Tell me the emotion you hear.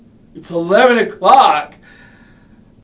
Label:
disgusted